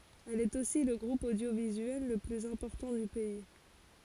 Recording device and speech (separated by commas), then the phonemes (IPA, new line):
forehead accelerometer, read sentence
ɛl ɛt osi lə ɡʁup odjovizyɛl lə plyz ɛ̃pɔʁtɑ̃ dy pɛi